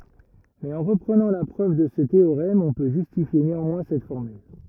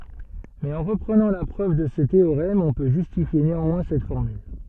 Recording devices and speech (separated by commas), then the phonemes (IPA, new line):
rigid in-ear microphone, soft in-ear microphone, read sentence
mɛz ɑ̃ ʁəpʁənɑ̃ la pʁøv də sə teoʁɛm ɔ̃ pø ʒystifje neɑ̃mwɛ̃ sɛt fɔʁmyl